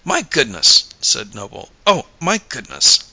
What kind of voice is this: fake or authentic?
authentic